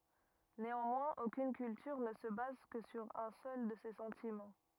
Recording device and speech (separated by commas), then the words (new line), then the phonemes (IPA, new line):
rigid in-ear microphone, read sentence
Néanmoins aucune culture ne se base que sur un seul de ces sentiments.
neɑ̃mwɛ̃z okyn kyltyʁ nə sə baz kə syʁ œ̃ sœl də se sɑ̃timɑ̃